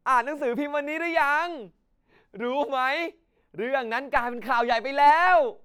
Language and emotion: Thai, happy